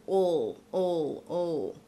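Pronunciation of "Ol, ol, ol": Each 'ol' is a dark L sound, with the L pronounced as a whole syllable.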